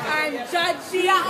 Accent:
Nigerian accent